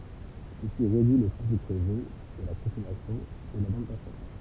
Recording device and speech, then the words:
temple vibration pickup, read sentence
Ceci réduit le trafic réseau et la consommation et la bande passante.

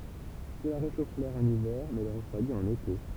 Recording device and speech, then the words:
temple vibration pickup, read sentence
Cela réchauffe l'air en hiver mais le refroidit en été.

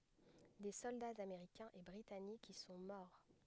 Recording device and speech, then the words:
headset microphone, read sentence
Des soldats américains et britanniques y sont morts.

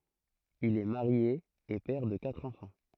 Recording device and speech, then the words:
throat microphone, read sentence
Il est marié et père de quatre enfants.

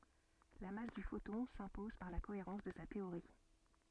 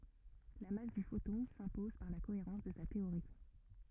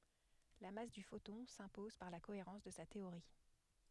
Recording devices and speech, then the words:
soft in-ear microphone, rigid in-ear microphone, headset microphone, read sentence
La masse du photon s’impose par la cohérence de sa théorie.

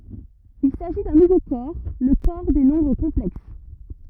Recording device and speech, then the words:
rigid in-ear microphone, read sentence
Il s'agit d'un nouveau corps, le corps des nombres complexes.

